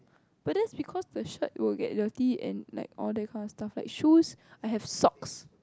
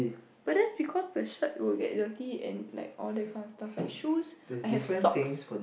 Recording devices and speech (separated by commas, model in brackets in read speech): close-talking microphone, boundary microphone, conversation in the same room